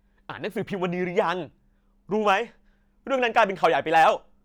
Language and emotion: Thai, angry